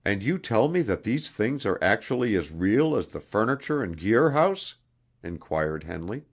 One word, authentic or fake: authentic